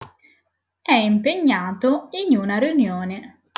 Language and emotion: Italian, neutral